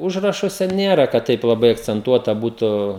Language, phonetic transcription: Lithuanian, ˈužrašuose ˈnėra kad ˈtaip laˈbai akcenˈtuota ˈbūtu

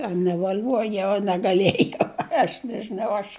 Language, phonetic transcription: Lithuanian, a nevaˈliuojau a negaˈliejau ˈaš nežiˈnau ˈaš

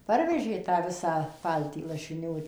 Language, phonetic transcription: Lithuanian, ˈparvežė tą ˈvisą ˈpaltį lašiˈnių

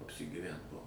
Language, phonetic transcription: Lithuanian, apsigyˈvent ˈbuo

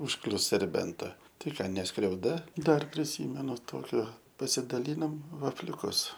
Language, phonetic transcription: Lithuanian, užˈklius serˈbenta tai ˈką ne skriauˈda ˈdar priˈsymenu ˈtokio pasidaˈlynom vafliuˈkus

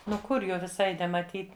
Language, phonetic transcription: Lithuanian, ˈnu ˈkur ˈjo viˈsai nemaˈtyt

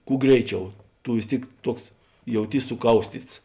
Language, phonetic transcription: Lithuanian, ˈkū ˈgreiˌčiau ˈtu vis ˈtėik ˈtuoks jauˈtys suˈkaustyts

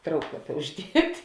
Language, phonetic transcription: Lithuanian, ˈtrauklapia užˈdiet'

